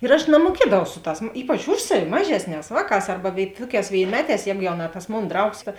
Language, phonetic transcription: Lithuanian, ir aš namuoˈkiedavau ˈsu ˌtās ˈypač ˈuž saˌvi ˈmažesˌnēs ˈvāˌkās ˈarba vėi ˈtuoˌkēs vėinˈmeˌtēs ˈjēgu jau na tas ˈmon ˈdraugs ka

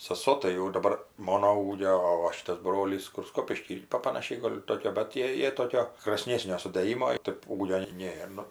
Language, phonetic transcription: Lithuanian, saˈso tai jau ji daˈbar ˈmono ˈūgio o ˈva ˈšitas ˈbrolys kur ˈskopišky ˈpa panaˈšiai ˈgol' ˈtokio bet ˈtie ˈjie ˈtokio kr asˈnėsnio sudɘˈjimo ˈtėp ˈūgio ˈnėr nu

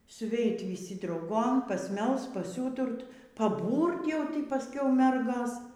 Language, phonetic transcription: Lithuanian, suˈveit vyˈsi drauˈgom pasˈmelst paˈsiūturt paˈbūrt jau paˈskiau ˈmergos

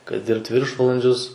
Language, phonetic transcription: Lithuanian, kai ˈdirbt ˈviršvalandžius

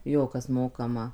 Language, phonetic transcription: Lithuanian, ˈjo ˈkas ˈmokama

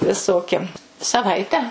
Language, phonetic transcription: Lithuanian, viˈsoki saˈvaite

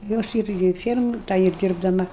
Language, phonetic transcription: Lithuanian, jau ˈaš ˈirgi ir ˈfiermoj ˈta ir dirbdaˈma

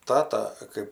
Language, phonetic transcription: Lithuanian, ˈtata kɜp

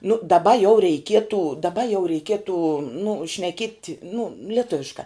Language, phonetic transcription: Lithuanian, nu daˈba jau reiˈkietu daˈba jau reiˈkietu nu šneˈkiet' nu lieˈtuviškā

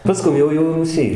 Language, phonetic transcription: Lithuanian, paˈskum jau jau rūˈsy

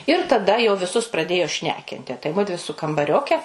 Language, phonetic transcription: Lithuanian, ir taˈda jau viˈsus praˈdėjo ˈšnekinti tai ˈmudvi su kambaˈrioke

